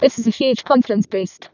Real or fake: fake